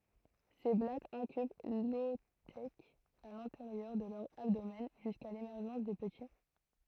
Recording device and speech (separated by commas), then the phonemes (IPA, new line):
throat microphone, read sentence
se blatz ɛ̃kyb lɔotɛk a lɛ̃teʁjœʁ də lœʁ abdomɛn ʒyska lemɛʁʒɑ̃s de pəti